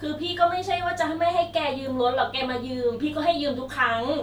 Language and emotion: Thai, frustrated